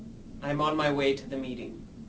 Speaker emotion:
neutral